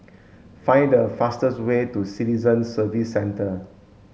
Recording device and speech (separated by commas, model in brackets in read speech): mobile phone (Samsung S8), read sentence